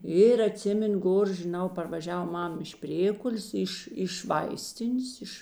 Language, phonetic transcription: Lithuanian, ir aˈtsimenu ˈgor žiˈnau parvaˈžiav ˈmam iš ˈprėkulės ˈiš iš ˈvaistinės ˈiš

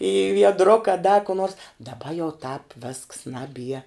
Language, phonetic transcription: Lithuanian, į viedˈruka da ku nors daˈba jau tāp vėsks ˈnaˌbie

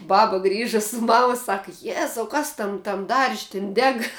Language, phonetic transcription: Lithuanian, ˈbaba ˈgrįža su ˈmama ˈsaka ˈjezau ˈkas ˈtam tam darž' tin ˈdeg

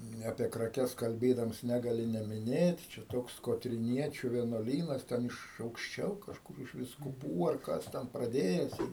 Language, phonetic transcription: Lithuanian, ˈne apie kraˈkes kalˈbėdams ˈnegali nemiˈnėt čia ˈtoks kotriˈniečiu vienuoˈlynas ˈten iš aukšˈčiau kažˈkur iš viskuˈpų ar ˈkas ten praˈdėjes ir

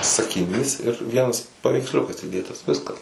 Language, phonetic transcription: Lithuanian, sakiˈnys ir ˈvienas paveiksˈliukas įˈdėtas ˈviskas

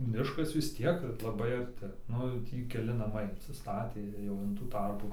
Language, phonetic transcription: Lithuanian, ˈmiškas vis ˈtiek laˈbai arˈti ˈnu jau ˈtį keˈli naˈmai insiˈstatė ˈjau in tų ˈtarpų

